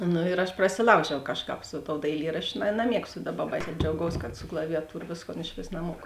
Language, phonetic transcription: Lithuanian, ˈnu ir aš prasiˈlaužiau ˈkažˌkāp su tou daiˈlyraščiu naˈmiegstu ˈdaˌba baisiā džiauˈgaus kad su klavijaˈtūra ˈvėsˌkon išˈvės naˈmuoku

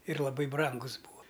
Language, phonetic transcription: Lithuanian, ir laˈbai ˈbrangus ˈbūa

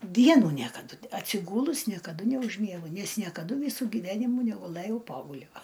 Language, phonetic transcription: Lithuanian, ˈdienų ˈniekadu atsiˈgūlus niekaˈdu neužˈmiegu ˈnes niekaˈdu ˈvysu gyˈvenimų neguˈlɘjau ˈpogulio

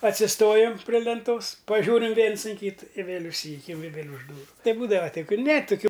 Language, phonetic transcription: Lithuanian, atsiˈstojam pri lenˈtos paˈžiūrim ˈviens in ˈkytɨ i ˈvėl' užˈsyjukiam i vėl' už ˈdūru ˈtai ˈbūdava ˈtai ˈkul' ne tuˈkių

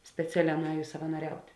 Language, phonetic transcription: Lithuanian, speˈceˌlē nuˈējus savanoˈriaut'

